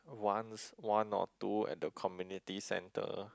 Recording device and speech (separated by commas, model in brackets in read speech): close-talking microphone, conversation in the same room